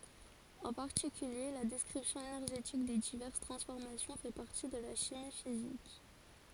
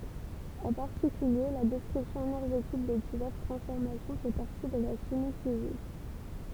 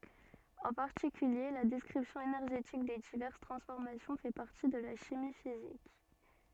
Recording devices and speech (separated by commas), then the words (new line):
forehead accelerometer, temple vibration pickup, soft in-ear microphone, read sentence
En particulier, la description énergétique des diverses transformations fait partie de la chimie physique.